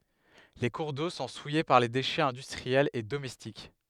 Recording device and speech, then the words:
headset microphone, read sentence
Les cours d'eau sont souillés par les déchets industriels et domestiques.

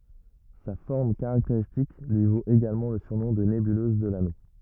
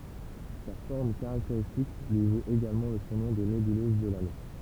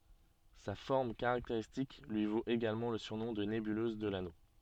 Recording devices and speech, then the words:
rigid in-ear microphone, temple vibration pickup, soft in-ear microphone, read sentence
Sa forme caractéristique lui vaut également le surnom de nébuleuse de l'Anneau.

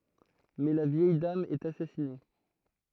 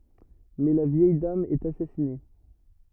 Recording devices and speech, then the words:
throat microphone, rigid in-ear microphone, read sentence
Mais la vieille dame est assassinée.

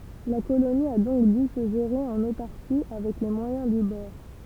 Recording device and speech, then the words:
temple vibration pickup, read sentence
La colonie a donc dû se gérer en autarcie, avec les moyens du bord.

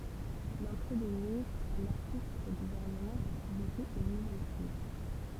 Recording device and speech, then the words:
temple vibration pickup, read sentence
L'entrée de ministres anarchiste au gouvernement va provoquer une nouvelle crise.

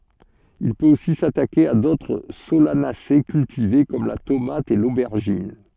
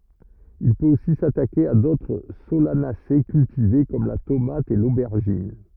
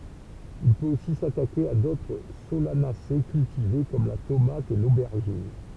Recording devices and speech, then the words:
soft in-ear microphone, rigid in-ear microphone, temple vibration pickup, read sentence
Il peut aussi s'attaquer à d'autres Solanacées cultivées comme la tomate et l'aubergine.

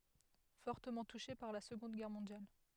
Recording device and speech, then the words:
headset microphone, read sentence
Fortement touchée par la Seconde Guerre mondiale.

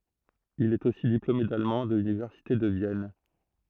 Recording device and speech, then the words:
throat microphone, read sentence
Il est aussi diplômé d'allemand de l'université de Vienne.

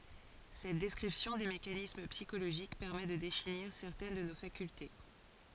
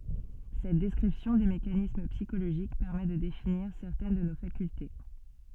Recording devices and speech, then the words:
forehead accelerometer, soft in-ear microphone, read sentence
Cette description des mécanismes psychologiques permet de définir certaines de nos facultés.

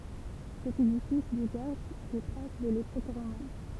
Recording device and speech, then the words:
temple vibration pickup, read sentence
Cet édifice du garde des traces de l'époque romane.

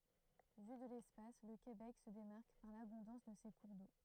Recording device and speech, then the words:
throat microphone, read sentence
Vu de l'espace, le Québec se démarque par l'abondance de ses cours d'eau.

